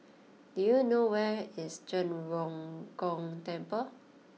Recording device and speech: mobile phone (iPhone 6), read sentence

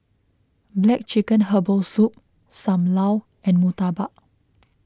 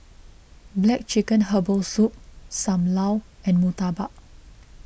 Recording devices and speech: close-talking microphone (WH20), boundary microphone (BM630), read sentence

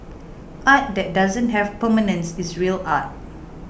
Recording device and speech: boundary microphone (BM630), read sentence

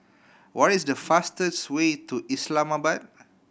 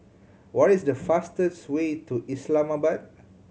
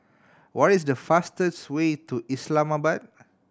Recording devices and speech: boundary microphone (BM630), mobile phone (Samsung C7100), standing microphone (AKG C214), read sentence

